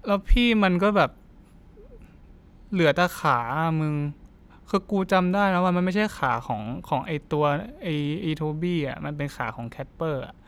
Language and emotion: Thai, frustrated